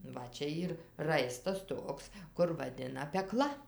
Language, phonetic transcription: Lithuanian, ˈva ˈčia ˈyr ˈraistas ˈtoks kur vaˈdina peˈkla

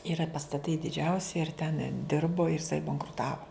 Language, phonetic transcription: Lithuanian, iˈra pastaˈtai diˈdžiausi ir ten ˈdirbo ir iˈsai bankruˈtavo

